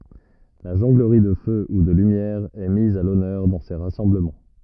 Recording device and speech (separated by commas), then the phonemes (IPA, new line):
rigid in-ear microphone, read sentence
la ʒɔ̃ɡləʁi də fø u də lymjɛʁ ɛ miz a lɔnœʁ dɑ̃ se ʁasɑ̃bləmɑ̃